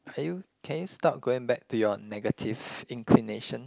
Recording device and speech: close-talking microphone, conversation in the same room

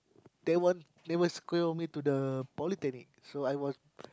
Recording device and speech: close-talking microphone, conversation in the same room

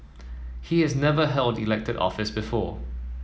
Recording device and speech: mobile phone (iPhone 7), read sentence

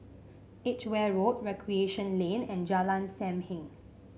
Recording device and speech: mobile phone (Samsung C5), read sentence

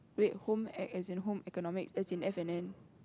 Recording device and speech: close-talking microphone, conversation in the same room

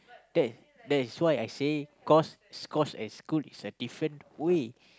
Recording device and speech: close-talking microphone, conversation in the same room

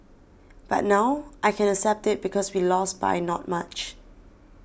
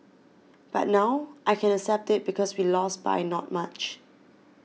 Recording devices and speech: boundary microphone (BM630), mobile phone (iPhone 6), read sentence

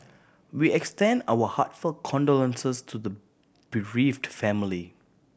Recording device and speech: boundary microphone (BM630), read sentence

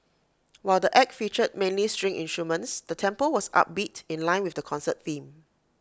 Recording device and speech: close-talking microphone (WH20), read sentence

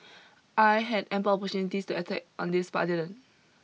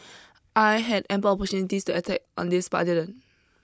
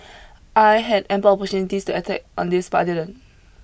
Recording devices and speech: mobile phone (iPhone 6), close-talking microphone (WH20), boundary microphone (BM630), read sentence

